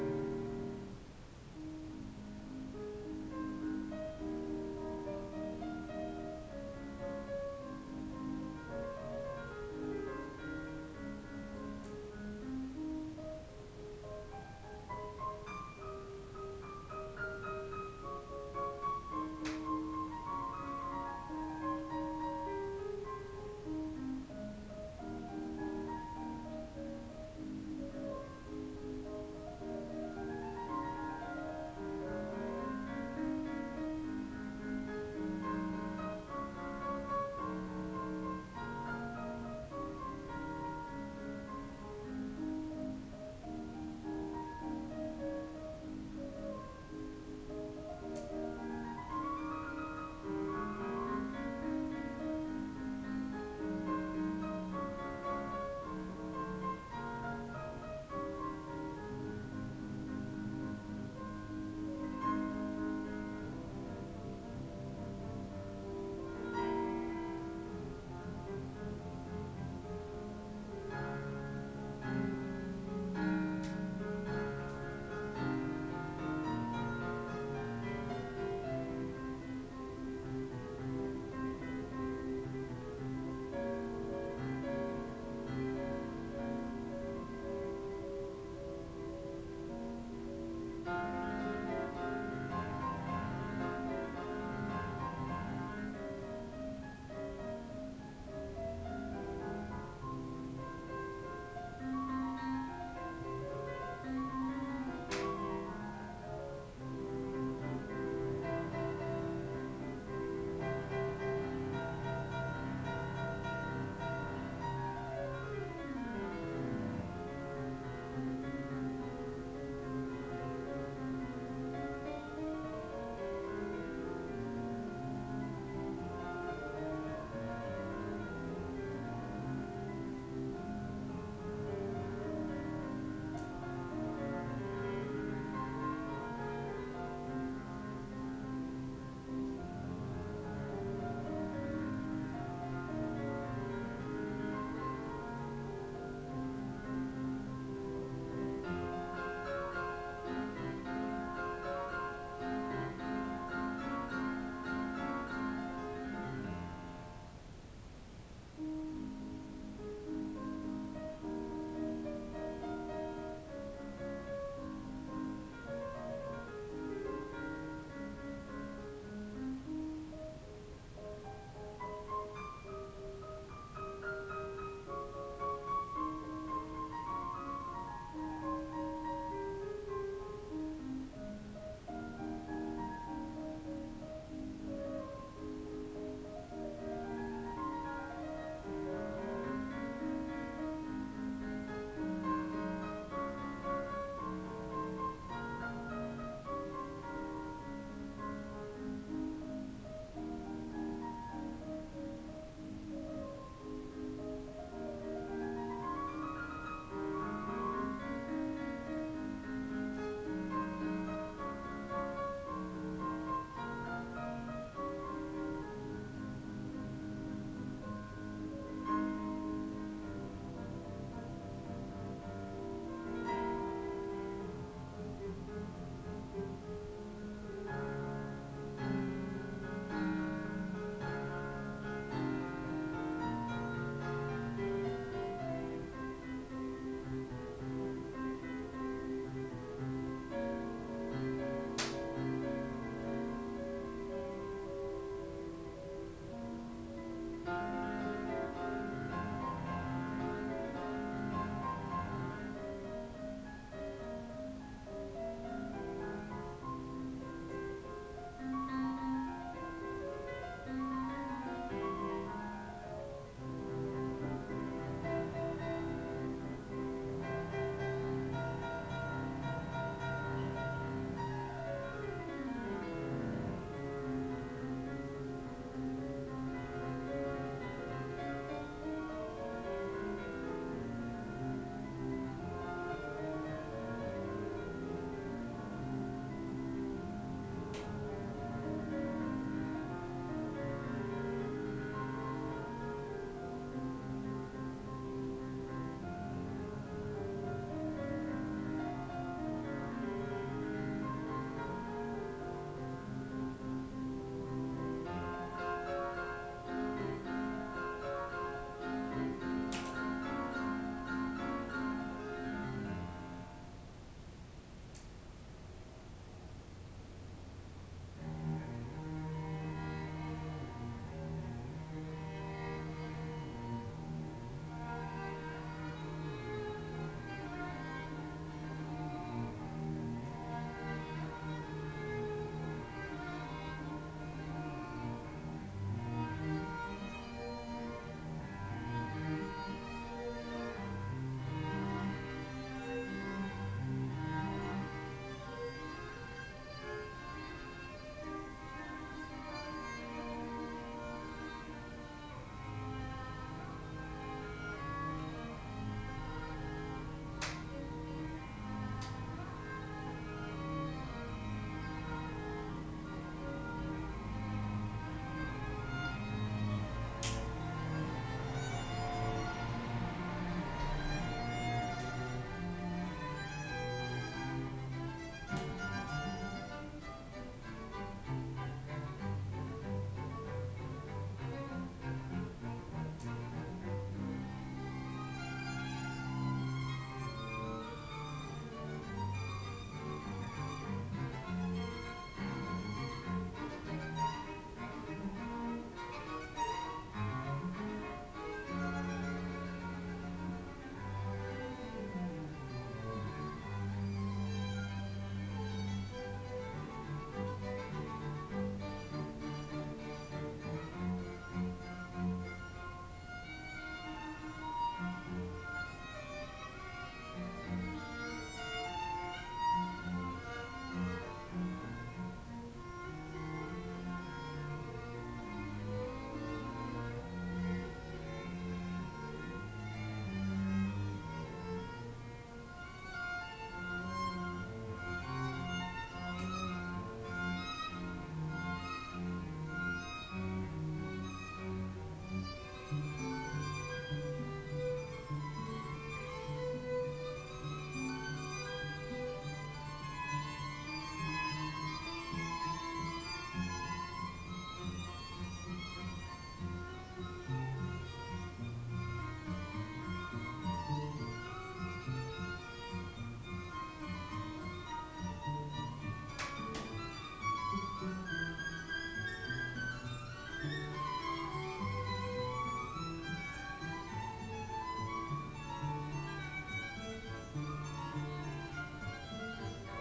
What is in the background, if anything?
Music.